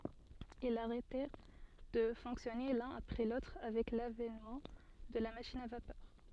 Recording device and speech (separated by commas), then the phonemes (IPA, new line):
soft in-ear microphone, read sentence
ilz aʁɛtɛʁ də fɔ̃ksjɔne lœ̃n apʁɛ lotʁ avɛk lavɛnmɑ̃ də la maʃin a vapœʁ